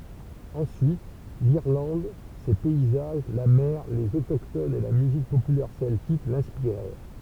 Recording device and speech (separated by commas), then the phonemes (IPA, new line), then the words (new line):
temple vibration pickup, read sentence
ɑ̃syit liʁlɑ̃d se pɛizaʒ la mɛʁ lez otoktonz e la myzik popylɛʁ sɛltik lɛ̃spiʁɛʁ
Ensuite, l'Irlande, ses paysages, la mer, les autochtones et la musique populaire celtique l'inspirèrent.